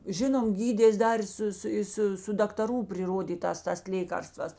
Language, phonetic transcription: Lithuanian, ˈžinom ˈgydės ˈdar i ˈsu ˈsu ˈi su su daktaˈrų priˈrodytās ˈtas ˈlėkarstvas

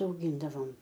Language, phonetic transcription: Lithuanian, auˈgyndavom

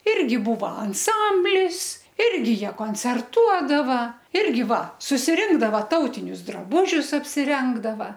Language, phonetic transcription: Lithuanian, ˈirgi ˈbūva anˈsamblis ˈirgi ˈjie koncerˈtuodava ˈirgi ˈva susiˈrinkdava ˈtautinius draˈbužius apsiˈrengdava

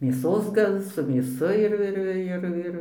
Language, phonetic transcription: Lithuanian, mėˈsos ˈgal su mėˈsu ir ir ˈir ˈir

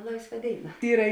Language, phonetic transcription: Lithuanian, ˈlaisˌva ˈdėiˌna ˈyra

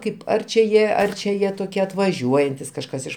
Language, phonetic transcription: Lithuanian, ˈkaip ˈar čia ˈjie ˈar čia ˈjie toˈkie atvaˈžiuojantis kažˈkas ˈiš

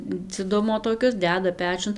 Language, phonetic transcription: Lithuanian, dziˈdumo toˈkius ˈdeda ˈpečiun

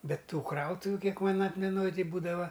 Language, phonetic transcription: Lithuanian, ˈbet ˈtų ˈkrautuviu ˈkiek ˈman ˈatmenoj ˈtai ˈbūdava

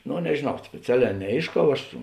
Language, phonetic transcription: Lithuanian, ˈno nežėˈnau spėˈceˌlē neˈėišˌkau ˈaš

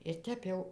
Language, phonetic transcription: Lithuanian, ir ˈtep jau

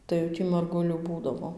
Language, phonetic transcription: Lithuanian, tai jau ˈtį marˈgulių ˈbūdavo

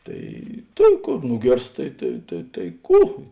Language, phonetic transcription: Lithuanian, ˈtai ˈtėn ˈkor ˈnugėrst ˈtai tai tai tai ˈkų

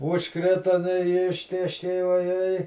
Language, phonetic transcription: Lithuanian, užˈkrita nu i ˈištėškei vaˈjei

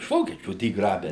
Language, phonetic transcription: Lithuanian, iš ˈvokiečių ˈdy ˈgrabe

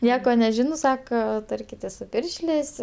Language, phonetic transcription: Lithuanian, ˈnieko neˈžino ˈsako ˈtarkitės su ˈpiršlės'

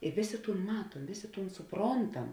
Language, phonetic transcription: Lithuanian, i ˈvėˌsė ˈtūn ˈmatuom vėˌsė ˈtūn suˈprontam

